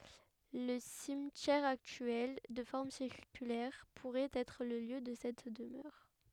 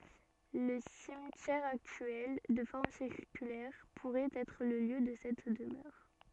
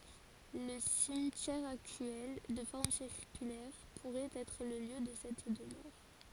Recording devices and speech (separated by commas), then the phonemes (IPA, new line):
headset microphone, soft in-ear microphone, forehead accelerometer, read sentence
lə simtjɛʁ aktyɛl də fɔʁm siʁkylɛʁ puʁɛt ɛtʁ lə ljø də sɛt dəmœʁ